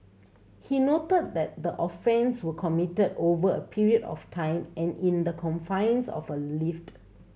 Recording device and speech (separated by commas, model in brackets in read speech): mobile phone (Samsung C7100), read sentence